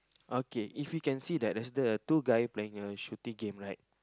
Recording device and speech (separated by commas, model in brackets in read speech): close-talking microphone, conversation in the same room